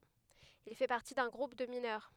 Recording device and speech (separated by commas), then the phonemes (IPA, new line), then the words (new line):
headset microphone, read sentence
il fɛ paʁti dœ̃ ɡʁup də minœʁ
Il fait partie d’un groupe de mineurs.